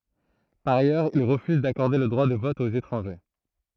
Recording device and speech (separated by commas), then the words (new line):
throat microphone, read sentence
Par ailleurs, il refuse d'accorder le droit de vote aux étrangers.